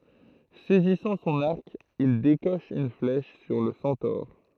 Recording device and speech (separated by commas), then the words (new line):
throat microphone, read sentence
Saisissant son arc, il décoche une flèche sur le centaure.